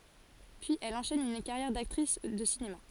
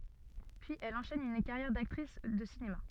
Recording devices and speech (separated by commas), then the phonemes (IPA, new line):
forehead accelerometer, soft in-ear microphone, read sentence
pyiz ɛl ɑ̃ʃɛn yn kaʁjɛʁ daktʁis də sinema